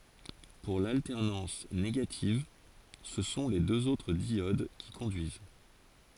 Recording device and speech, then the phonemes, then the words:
forehead accelerometer, read sentence
puʁ laltɛʁnɑ̃s neɡativ sə sɔ̃ le døz otʁ djod ki kɔ̃dyiz
Pour l'alternance négative, ce sont les deux autres diodes qui conduisent.

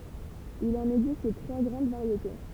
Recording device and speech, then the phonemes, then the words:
temple vibration pickup, read sentence
il ɑ̃n ɛɡzist tʁwa ɡʁɑ̃d vaʁjete
Il en existe trois grandes variétés.

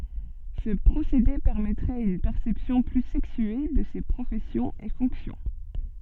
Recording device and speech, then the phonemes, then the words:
soft in-ear microphone, read sentence
sə pʁosede pɛʁmɛtʁɛt yn pɛʁsɛpsjɔ̃ ply sɛksye də se pʁofɛsjɔ̃z e fɔ̃ksjɔ̃
Ce procédé permettrait une perception plus sexuée de ces professions et fonctions.

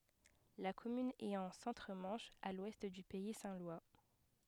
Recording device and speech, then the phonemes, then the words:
headset microphone, read sentence
la kɔmyn ɛt ɑ̃ sɑ̃tʁ mɑ̃ʃ a lwɛst dy pɛi sɛ̃ lwa
La commune est en Centre-Manche, à l'ouest du pays saint-lois.

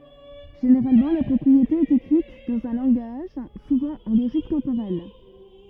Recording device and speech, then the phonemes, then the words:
rigid in-ear microphone, read sentence
ʒeneʁalmɑ̃ la pʁɔpʁiete ɛt ekʁit dɑ̃z œ̃ lɑ̃ɡaʒ suvɑ̃ ɑ̃ loʒik tɑ̃poʁɛl
Généralement, la propriété est écrite dans un langage, souvent en logique temporelle.

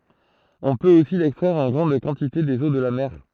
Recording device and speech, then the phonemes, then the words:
throat microphone, read sentence
ɔ̃ pøt osi lɛkstʁɛʁ ɑ̃ ɡʁɑ̃d kɑ̃tite dez o də la mɛʁ
On peut aussi l'extraire en grande quantité des eaux de la mer.

